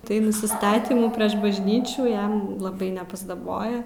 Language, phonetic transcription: Lithuanian, tai nusiˈstatymų prieš bažˈnyčių ˈjam laˈbai nepasdaˈboja

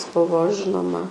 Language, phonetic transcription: Lithuanian, ˈbuvo ˈžinoma

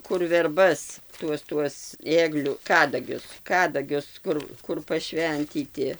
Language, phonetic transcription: Lithuanian, kur verˈbas ˈtuos tuos ˈėgliu ˈkadagius ˈkadagius ˈkur ˈkur paˈšventyti

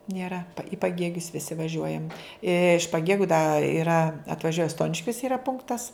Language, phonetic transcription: Lithuanian, nieˈra i paˈgėgius viˈsi vaˈžiuojam iš paˈgėgiu da iˈra atvaˈžiuoja ˈstoniškios iˈra ˈpunktas

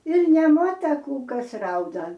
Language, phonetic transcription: Lithuanian, ir nemuota ˈkų ˈkas ˈrauda

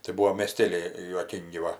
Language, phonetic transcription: Lithuanian, tai ˈbuo mėˈstėliai juoˈkyngi ˈva

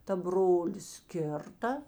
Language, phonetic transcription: Lithuanian, ta ˈbrolis ˈkirta

